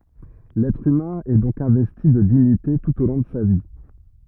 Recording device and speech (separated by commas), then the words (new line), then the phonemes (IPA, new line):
rigid in-ear microphone, read sentence
L'être humain est donc investi de dignité tout au long de sa vie.
lɛtʁ ymɛ̃ ɛ dɔ̃k ɛ̃vɛsti də diɲite tut o lɔ̃ də sa vi